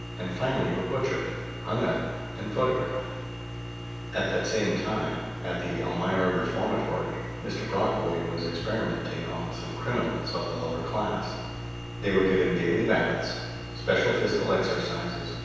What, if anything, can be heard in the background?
Nothing.